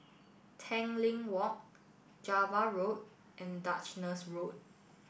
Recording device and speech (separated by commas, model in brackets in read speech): boundary microphone (BM630), read sentence